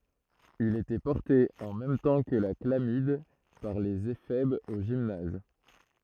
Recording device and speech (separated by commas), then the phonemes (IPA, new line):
throat microphone, read sentence
il etɛ pɔʁte ɑ̃ mɛm tɑ̃ kə la klamid paʁ lez efɛbz o ʒimnaz